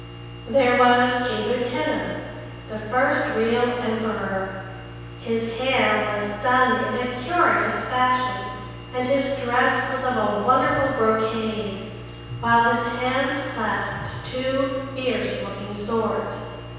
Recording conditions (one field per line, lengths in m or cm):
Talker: one person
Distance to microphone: 7.1 m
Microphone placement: far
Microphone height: 1.7 m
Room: very reverberant, large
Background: none